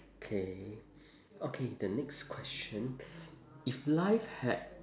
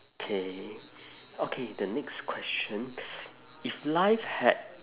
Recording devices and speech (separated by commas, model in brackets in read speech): standing microphone, telephone, conversation in separate rooms